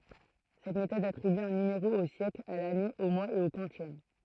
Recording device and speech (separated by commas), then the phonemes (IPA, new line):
throat microphone, read sentence
sɛt metɔd atʁiby œ̃ nymeʁo o sjɛkl a lane o mwaz e o kwɑ̃sjɛm